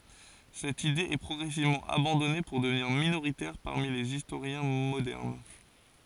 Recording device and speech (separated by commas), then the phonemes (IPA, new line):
forehead accelerometer, read sentence
sɛt ide ɛ pʁɔɡʁɛsivmɑ̃ abɑ̃dɔne puʁ dəvniʁ minoʁitɛʁ paʁmi lez istoʁjɛ̃ modɛʁn